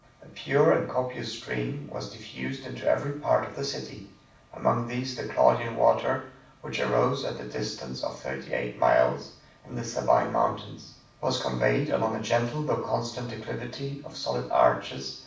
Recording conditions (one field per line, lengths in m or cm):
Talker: one person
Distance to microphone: 5.8 m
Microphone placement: far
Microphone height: 1.8 m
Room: medium-sized (5.7 m by 4.0 m)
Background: none